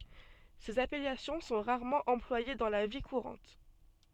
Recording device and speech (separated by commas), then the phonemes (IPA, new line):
soft in-ear microphone, read sentence
sez apɛlasjɔ̃ sɔ̃ ʁaʁmɑ̃ ɑ̃plwaje dɑ̃ la vi kuʁɑ̃t